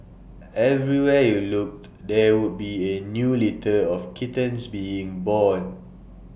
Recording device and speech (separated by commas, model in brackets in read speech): boundary microphone (BM630), read sentence